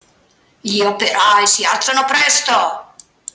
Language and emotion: Italian, angry